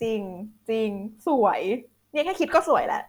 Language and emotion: Thai, happy